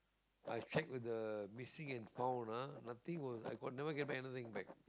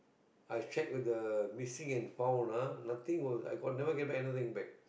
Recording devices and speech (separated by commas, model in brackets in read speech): close-talking microphone, boundary microphone, conversation in the same room